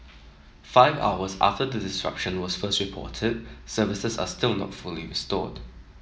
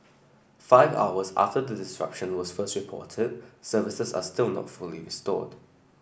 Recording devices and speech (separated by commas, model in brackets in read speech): mobile phone (iPhone 7), boundary microphone (BM630), read sentence